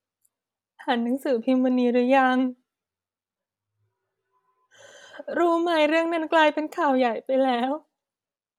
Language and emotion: Thai, sad